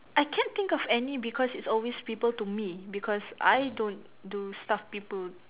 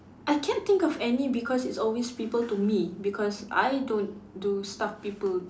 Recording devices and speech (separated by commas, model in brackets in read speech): telephone, standing microphone, conversation in separate rooms